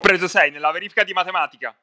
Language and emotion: Italian, happy